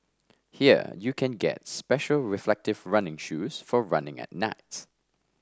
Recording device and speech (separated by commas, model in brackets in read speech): standing microphone (AKG C214), read sentence